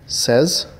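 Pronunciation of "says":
'says' is pronounced correctly here.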